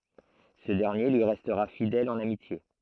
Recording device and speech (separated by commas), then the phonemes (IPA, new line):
throat microphone, read sentence
sə dɛʁnje lyi ʁɛstʁa fidɛl ɑ̃n amitje